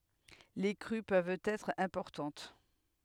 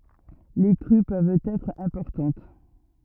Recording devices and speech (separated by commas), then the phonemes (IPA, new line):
headset microphone, rigid in-ear microphone, read sentence
le kʁy pøvt ɛtʁ ɛ̃pɔʁtɑ̃t